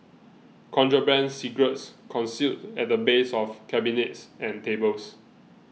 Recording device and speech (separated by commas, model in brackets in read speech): mobile phone (iPhone 6), read sentence